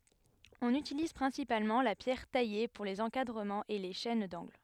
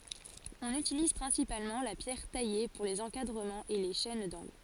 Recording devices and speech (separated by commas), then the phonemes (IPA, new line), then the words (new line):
headset microphone, forehead accelerometer, read sentence
ɔ̃n ytiliz pʁɛ̃sipalmɑ̃ la pjɛʁ taje puʁ lez ɑ̃kadʁəmɑ̃z e le ʃɛn dɑ̃ɡl
On utilise principalement la pierre taillée pour les encadrements et les chaînes d'angles.